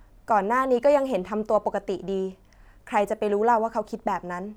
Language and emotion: Thai, neutral